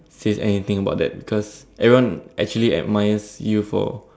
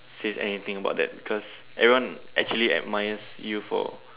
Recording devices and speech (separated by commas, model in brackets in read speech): standing microphone, telephone, conversation in separate rooms